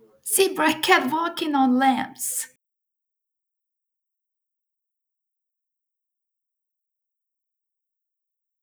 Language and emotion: English, happy